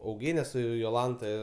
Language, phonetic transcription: Lithuanian, auˈgėne ˈsu joˈlanta

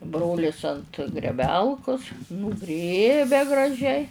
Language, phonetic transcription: Lithuanian, ˈbrolis ant greˈbelkus nūˈgrėbia graˈžiai

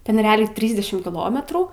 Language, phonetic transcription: Lithuanian, ˈten reˈaliai ˈtrysdešim kiˈlometrų

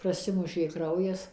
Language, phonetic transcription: Lithuanian, praˈsimušė ˈkraujas

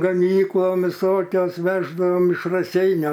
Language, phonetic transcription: Lithuanian, gaˈmyklon viˈsokios ˈveždavom iš raˈseiniu

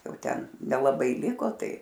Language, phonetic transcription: Lithuanian, ˈjau ˈten nelaˈbai ˈliko ˈtai

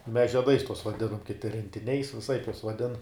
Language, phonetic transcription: Lithuanian, mes žieˈdais tuos vaˈdinam kiˈti rentiˈniais viˈsaip juos vaˈdin

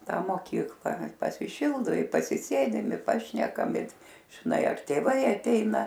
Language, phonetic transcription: Lithuanian, ˈtą moˈkykla pasiˈšildu i pasiˈsėdim i ˈpašnekam i žiˈnai ar tėˈvai aˈteina

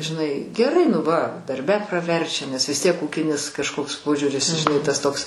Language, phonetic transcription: Lithuanian, žiˈnai geˈrai nu ˈva darˈbe praˈverčia nes vis ˈtiek ˈūkinis kažˈkoks ˈpožiūris žiˈnai tas ˈtoks

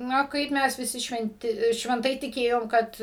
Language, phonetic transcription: Lithuanian, ˈna ˈkaip ˈmes viˈsi švenˈti švenˈtai tiˈkėjom ˈkad

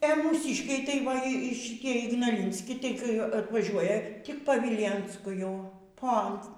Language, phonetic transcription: Lithuanian, e mūˈsyškiai tai ˈva i šitie ignaˈlinski ˈtai kai atvaˈžiuoja ˈtik pa ˈvylėnsku ˈjau ˈpont

